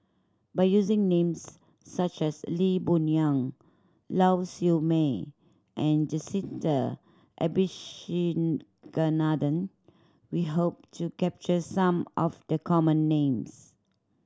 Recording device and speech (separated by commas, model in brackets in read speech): standing microphone (AKG C214), read sentence